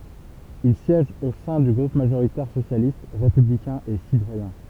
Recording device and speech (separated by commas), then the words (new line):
temple vibration pickup, read sentence
Il siège au sein du groupe majoritaire socialiste, républicain et citoyen.